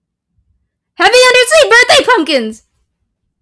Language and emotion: English, fearful